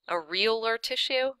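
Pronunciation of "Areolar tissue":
'Areolar tissue' is pronounced correctly here.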